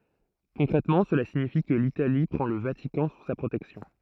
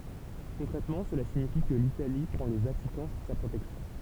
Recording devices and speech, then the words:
throat microphone, temple vibration pickup, read sentence
Concrètement, cela signifie que l'Italie prend le Vatican sous sa protection.

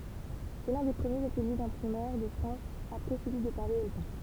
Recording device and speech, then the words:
temple vibration pickup, read sentence
C'est l'un des premiers ateliers d'imprimeurs de France après celui de Paris et Lyon.

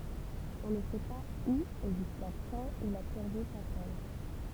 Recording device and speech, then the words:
temple vibration pickup, read sentence
On ne sait pas où et jusqu'à quand il a purgé sa peine.

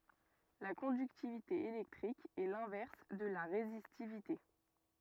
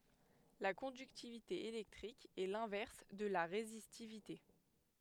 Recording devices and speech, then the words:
rigid in-ear microphone, headset microphone, read sentence
La conductivité électrique est l'inverse de la résistivité.

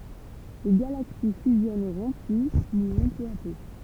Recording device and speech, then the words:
temple vibration pickup, read sentence
Les galaxies fusionneront puis mourront peu à peu.

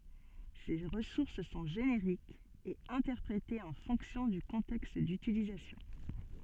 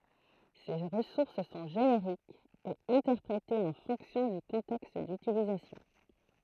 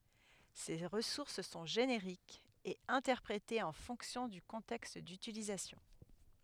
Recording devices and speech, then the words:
soft in-ear microphone, throat microphone, headset microphone, read sentence
Ces ressources sont génériques et interprétée en fonction du contexte d'utilisation.

